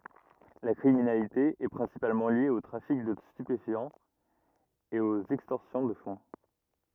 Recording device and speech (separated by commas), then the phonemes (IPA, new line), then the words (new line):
rigid in-ear microphone, read sentence
la kʁiminalite ɛ pʁɛ̃sipalmɑ̃ lje o tʁafik də stypefjɑ̃z e oz ɛkstɔʁsjɔ̃ də fɔ̃
La criminalité est principalement liée au trafic de stupéfiants et aux extorsions de fonds.